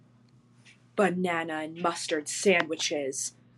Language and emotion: English, angry